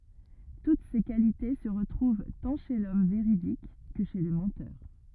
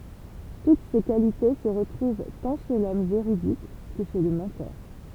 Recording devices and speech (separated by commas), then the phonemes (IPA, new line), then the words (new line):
rigid in-ear microphone, temple vibration pickup, read sentence
tut se kalite sə ʁətʁuv tɑ̃ ʃe lɔm veʁidik kə ʃe lə mɑ̃tœʁ
Toutes ces qualités se retrouvent tant chez l’homme véridique que chez le menteur.